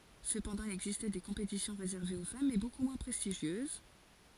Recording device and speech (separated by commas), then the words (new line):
forehead accelerometer, read sentence
Cependant, il existait des compétitions réservées aux femmes mais beaucoup moins prestigieuses.